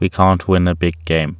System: none